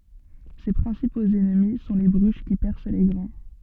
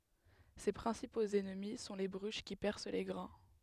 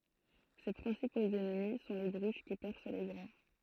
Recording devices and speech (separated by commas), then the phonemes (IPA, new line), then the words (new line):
soft in-ear microphone, headset microphone, throat microphone, read sentence
se pʁɛ̃sipoz ɛnmi sɔ̃ le bʁyʃ ki pɛʁs le ɡʁɛ̃
Ses principaux ennemis sont les bruches qui percent les grains.